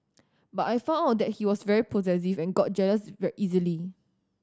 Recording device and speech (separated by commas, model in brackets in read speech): standing microphone (AKG C214), read sentence